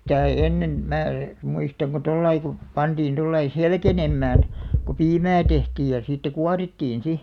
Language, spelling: Finnish, sitä ei ennen minä muistan kun tuolla lailla kun pantiin tuolla lailla selkenemään kun piimää tehtiin ja sitä kuorittiin sitten
- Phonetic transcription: sitä ei "ennen , 'mää , 'muistaŋ ko "tollai ku , 'pantiin 'tollai "selkenemmään , ku "piimää 'tehtiij ja siittä "kuarittiin "si .

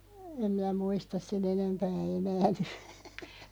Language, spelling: Finnish, en minä muista sen enempää enää nyt
- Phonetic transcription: 'em mⁱnä 'muistas se"n ‿enempää 'enää ny .

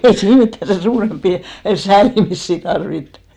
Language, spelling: Finnish, ei siinä mitään sen suurempia säälimisiä tarvittu
- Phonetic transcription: ei 'siin mittä sen 'suuremppi , "säälimissi tarvittᴜ !

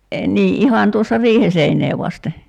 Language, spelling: Finnish, niin ihan tuossa riihen seinää vasten
- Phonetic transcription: nii '’ihan tuossa "riihe seiǹee vaste ?

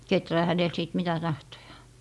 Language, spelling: Finnish, kehrää hänellä sitten mitä tahtoo
- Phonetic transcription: "keträä 'hänel sìt mitä 'tahtojAA .

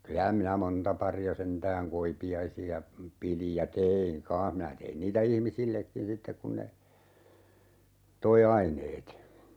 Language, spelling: Finnish, kyllä minä monta paria sentään koipiaisia pidin ja tein kanssa minä tein niitä ihmisillekin sitten kun ne toi aineet
- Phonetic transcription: 'kylä minä 'monta pari₍a 'sentääŋ "koipi₍aisi₍a , 'pilij ja "teeiŋ 'kaa̰h minä 'tein niitä "ihmisillekkin 'sittek kun ne , 'toi "aineet .

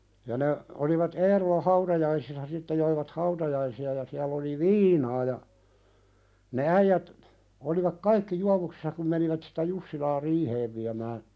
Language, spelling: Finnish, ja ne oli Eerolan hautajaisissa sitten joivat hautajaisia ja siellä oli viinaa ja ne äijät olivat kaikki juovuksissa kun menivät sitä Jussilaa riiheen viemään
- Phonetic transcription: ja ne , olivat "Eerola 'hautajaisissa sitte joivat "hautajaisi₍a ja siäl ‿oli "viinaa ja , ne 'äijät , olivak "kaikki 'juavuksɪssa kum menivät sɪtä 'Jussilaa "riiheev viämää ,.

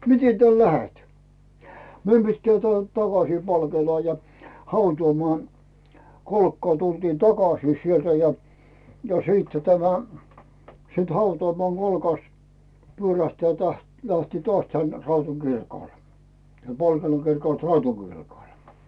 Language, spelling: Finnish, miten täältä lähdet meidän pitää täältä takaisin Palkeelaan ja hautausmaan kolkkaan tultiin takaisin sieltä ja siitä tämä sitten hautausmaan kolkasta pyörähtää - lähteä taas tänne Raudun kirkolle siellä Poltenon kirkolta Raudun kirkolle
- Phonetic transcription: » 'mite täl "lähet ? « 'meim pittää tᵉä̀lt "takasii 'Palkeelaa ja , "hautuumoàn , 'kolkkaa tultiin 'takasii sieltä ja , 'siittä tämä , siit 'hautᵒàmoàŋ 'Colkast , 'pyörähtää täht- lähtii "toas tän 'Rautun Girkòl , siel 'Polteno kirkòlt "Rautu kirkòl .

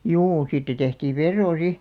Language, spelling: Finnish, juu siitä tehtiin veroa sitten
- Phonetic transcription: 'juu siittä tehtiiv̆ "verroo 'si .

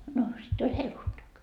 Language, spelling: Finnish, no sitten oli helluntai
- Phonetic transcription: no sitt ‿oĺ "helluntak .

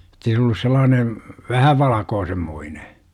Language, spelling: Finnish, jotta ei se ollut sellainen vähän valkoisenmoinen
- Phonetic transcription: jot̆tei se ollus 'sellaane , "vähä 'valakoosemmoine .

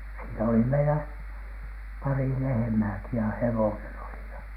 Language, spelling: Finnish, siinä oli meillä pari lehmääkin ja hevonen oli ja
- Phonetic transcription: siinä oli meilä , 'pari "lehᵉmääki ja "hewonen oli ja .

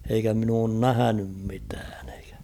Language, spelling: Finnish, eikä minä ole nähnyt mitään eikä
- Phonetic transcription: eikä min ‿oon "nähänym 'mitään ᴇɪᴋᴀ̈ .

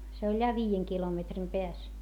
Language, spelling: Finnish, se oli ja viiden kilometrin päässä
- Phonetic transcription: se oĺ ja viijeŋ kilometrim peäs .

